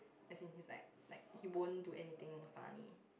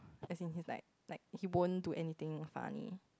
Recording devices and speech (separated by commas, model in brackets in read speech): boundary microphone, close-talking microphone, conversation in the same room